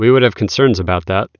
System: none